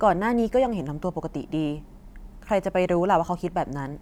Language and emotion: Thai, neutral